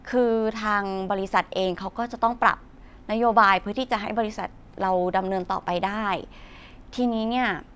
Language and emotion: Thai, neutral